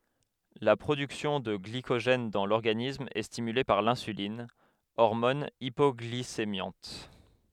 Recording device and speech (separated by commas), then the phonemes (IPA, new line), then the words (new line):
headset microphone, read sentence
la pʁodyksjɔ̃ də ɡlikoʒɛn dɑ̃ lɔʁɡanism ɛ stimyle paʁ lɛ̃sylin ɔʁmɔn ipɔɡlisemjɑ̃t
La production de glycogène dans l'organisme est stimulée par l'insuline, hormone hypoglycémiante.